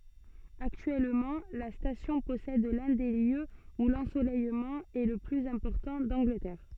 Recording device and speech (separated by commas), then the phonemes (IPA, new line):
soft in-ear microphone, read sentence
aktyɛlmɑ̃ la stasjɔ̃ pɔsɛd lœ̃ de ljøz u lɑ̃solɛjmɑ̃ ɛ lə plyz ɛ̃pɔʁtɑ̃ dɑ̃ɡlətɛʁ